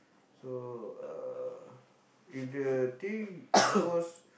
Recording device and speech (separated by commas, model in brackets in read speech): boundary microphone, conversation in the same room